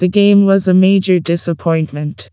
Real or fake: fake